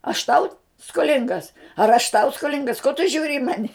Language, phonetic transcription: Lithuanian, aš ˈtau skoˈlingas ar aš tau skoˈlingas ko tu ˈžiūri i ˈmani

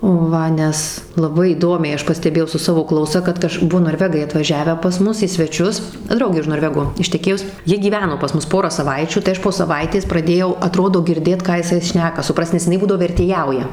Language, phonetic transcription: Lithuanian, ˈva ˈnes laˈbai įˈdomiai ˈaš pasteˈbėjau su ˈsavo ˈklausa kad ˈkaž ˈbuo norˈvegai atvaˈžiavę pas ˈmus į sveˈčius ˈdraugė už norˈvego išteˈkėjus ˈjie gyˈveno pas ˈmus ˈporą saˈvaičių tai ˈaš po saˈvaitės praˈdėjau aˈtrodo girˈdėt ˈką jiˈsai ˈšneka suˈprast nes iˈnai ˈbūdavo vertėˈjauja

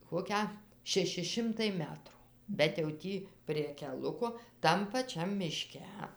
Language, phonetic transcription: Lithuanian, ˈkokią šeˈši ˈšimtai ˈmetru bet jau ˈtį prie keˈluko ˈtam paˈčiam miˈške

